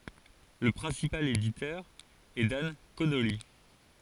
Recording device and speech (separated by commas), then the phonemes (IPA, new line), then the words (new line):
forehead accelerometer, read sentence
lə pʁɛ̃sipal editœʁ ɛ dan konoli
Le principal éditeur est Dan Connolly.